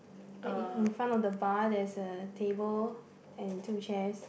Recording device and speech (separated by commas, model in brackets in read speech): boundary microphone, conversation in the same room